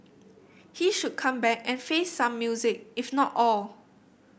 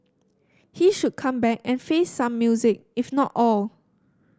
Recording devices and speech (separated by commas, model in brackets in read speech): boundary microphone (BM630), standing microphone (AKG C214), read sentence